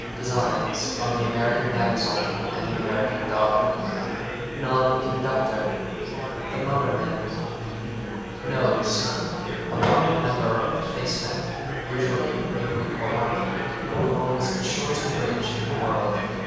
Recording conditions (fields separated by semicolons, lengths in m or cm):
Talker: one person; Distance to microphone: 7.1 m; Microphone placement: far; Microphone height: 1.7 m; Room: very reverberant, large; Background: babble